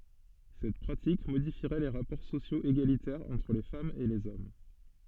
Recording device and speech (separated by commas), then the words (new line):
soft in-ear microphone, read sentence
Cette pratique modifierait les rapports sociaux égalitaires entre les femmes et les hommes.